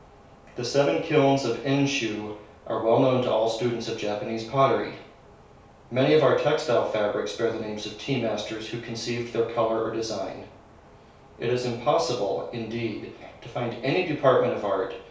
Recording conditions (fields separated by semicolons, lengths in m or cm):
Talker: one person; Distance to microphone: 3.0 m; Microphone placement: far; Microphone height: 1.8 m; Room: small (3.7 m by 2.7 m); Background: none